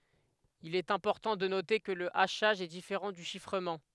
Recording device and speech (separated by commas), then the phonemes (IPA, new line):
headset microphone, read sentence
il ɛt ɛ̃pɔʁtɑ̃ də note kə lə aʃaʒ ɛ difeʁɑ̃ dy ʃifʁəmɑ̃